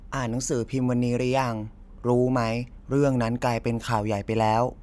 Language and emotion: Thai, neutral